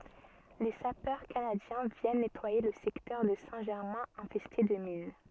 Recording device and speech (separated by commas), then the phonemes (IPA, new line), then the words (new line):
soft in-ear microphone, read sentence
le sapœʁ kanadjɛ̃ vjɛn nɛtwaje lə sɛktœʁ də sɛ̃ ʒɛʁmɛ̃ ɛ̃fɛste də min
Les sapeurs canadiens viennent nettoyer le secteur de Saint-Germain infesté de mines.